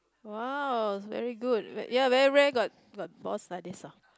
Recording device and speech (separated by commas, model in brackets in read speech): close-talking microphone, conversation in the same room